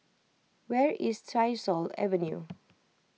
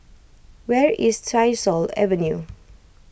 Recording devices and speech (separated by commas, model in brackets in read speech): mobile phone (iPhone 6), boundary microphone (BM630), read sentence